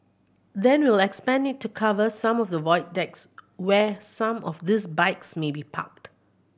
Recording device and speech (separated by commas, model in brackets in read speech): boundary microphone (BM630), read sentence